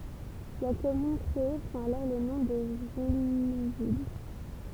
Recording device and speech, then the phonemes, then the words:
temple vibration pickup, read sentence
la kɔmyn kʁee pʁɑ̃t alɔʁ lə nɔ̃ də ʒyluvil
La commune créée prend alors le nom de Jullouville.

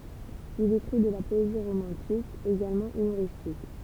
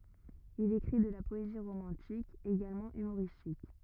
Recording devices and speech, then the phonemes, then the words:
temple vibration pickup, rigid in-ear microphone, read sentence
il ekʁi də la pɔezi ʁomɑ̃tik eɡalmɑ̃ ymoʁistik
Il écrit de la poésie romantique, également humoristique.

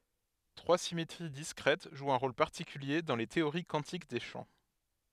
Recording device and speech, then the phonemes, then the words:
headset microphone, read sentence
tʁwa simetʁi diskʁɛt ʒwt œ̃ ʁol paʁtikylje dɑ̃ le teoʁi kwɑ̃tik de ʃɑ̃
Trois symétries discrètes jouent un rôle particulier dans les théories quantiques des champs.

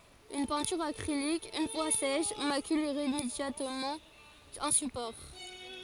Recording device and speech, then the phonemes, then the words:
forehead accelerometer, read sentence
yn pɛ̃tyʁ akʁilik yn fwa sɛʃ makyl iʁemedjabləmɑ̃ œ̃ sypɔʁ
Une peinture acrylique, une fois sèche, macule irrémédiablement un support.

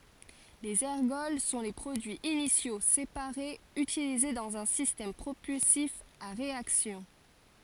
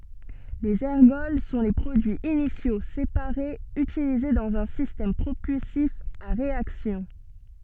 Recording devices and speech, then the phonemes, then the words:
forehead accelerometer, soft in-ear microphone, read sentence
lez ɛʁɡɔl sɔ̃ le pʁodyiz inisjo sepaʁez ytilize dɑ̃z œ̃ sistɛm pʁopylsif a ʁeaksjɔ̃
Les ergols sont les produits initiaux, séparés, utilisés dans un système propulsif à réaction.

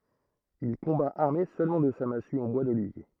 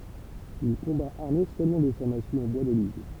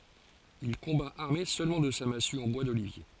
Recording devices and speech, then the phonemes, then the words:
throat microphone, temple vibration pickup, forehead accelerometer, read sentence
il kɔ̃ba aʁme sølmɑ̃ də sa masy ɑ̃ bwa dolivje
Il combat armé seulement de sa massue en bois d'olivier.

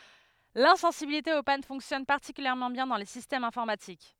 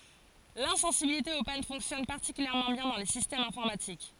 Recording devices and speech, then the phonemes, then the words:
headset microphone, forehead accelerometer, read sentence
lɛ̃sɑ̃sibilite o pan fɔ̃ksjɔn paʁtikyljɛʁmɑ̃ bjɛ̃ dɑ̃ le sistɛmz ɛ̃fɔʁmatik
L'insensibilité aux pannes fonctionne particulièrement bien dans les systèmes informatiques.

